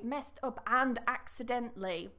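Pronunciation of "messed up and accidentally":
In 'messed up and accidentally', 'and' is said in its full form, with the d, and is not weakened. This is not the usual natural way to say the phrase.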